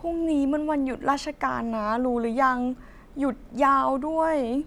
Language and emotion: Thai, sad